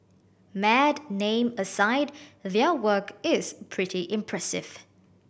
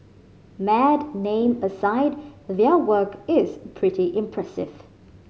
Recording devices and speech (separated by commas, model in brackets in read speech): boundary microphone (BM630), mobile phone (Samsung C5010), read sentence